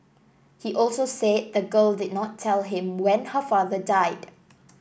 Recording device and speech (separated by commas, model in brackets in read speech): boundary microphone (BM630), read sentence